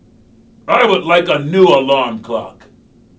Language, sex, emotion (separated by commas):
English, male, angry